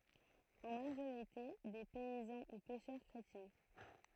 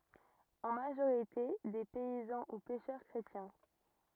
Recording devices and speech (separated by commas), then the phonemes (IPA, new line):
throat microphone, rigid in-ear microphone, read sentence
ɑ̃ maʒoʁite de pɛizɑ̃ u pɛʃœʁ kʁetjɛ̃